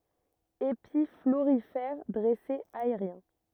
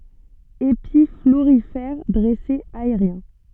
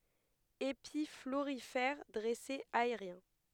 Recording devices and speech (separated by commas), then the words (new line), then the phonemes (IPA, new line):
rigid in-ear microphone, soft in-ear microphone, headset microphone, read sentence
Épis florifères dressés aériens.
epi floʁifɛʁ dʁɛsez aeʁjɛ̃